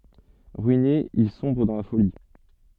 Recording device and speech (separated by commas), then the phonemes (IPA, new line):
soft in-ear microphone, read sentence
ʁyine il sɔ̃bʁ dɑ̃ la foli